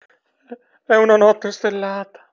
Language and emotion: Italian, fearful